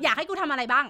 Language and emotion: Thai, angry